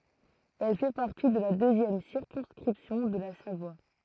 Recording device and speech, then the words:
throat microphone, read sentence
Elle fait partie de la deuxième circonscription de la Savoie.

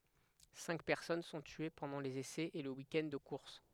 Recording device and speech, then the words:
headset microphone, read sentence
Cinq personnes sont tuées pendant les essais et le weekend de course.

